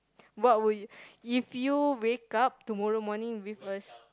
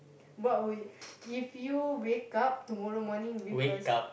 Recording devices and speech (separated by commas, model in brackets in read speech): close-talking microphone, boundary microphone, conversation in the same room